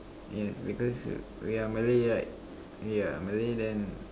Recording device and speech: standing microphone, conversation in separate rooms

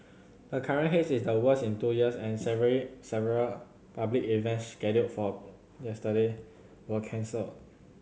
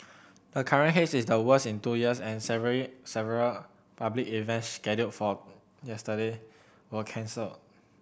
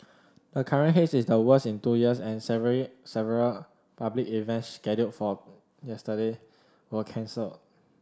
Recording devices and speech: mobile phone (Samsung C7100), boundary microphone (BM630), standing microphone (AKG C214), read sentence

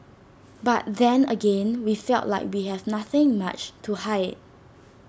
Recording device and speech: standing microphone (AKG C214), read sentence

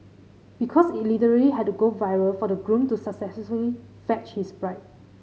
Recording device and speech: mobile phone (Samsung C5010), read sentence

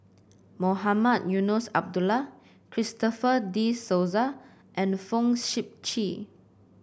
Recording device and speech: boundary microphone (BM630), read sentence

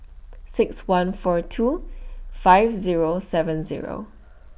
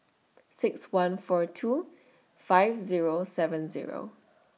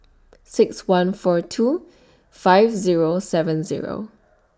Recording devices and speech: boundary microphone (BM630), mobile phone (iPhone 6), standing microphone (AKG C214), read sentence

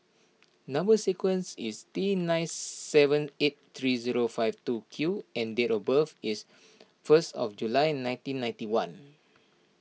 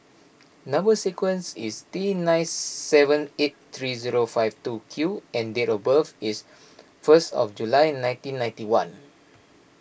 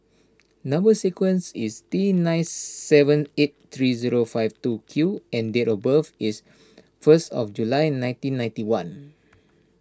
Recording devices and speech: mobile phone (iPhone 6), boundary microphone (BM630), standing microphone (AKG C214), read sentence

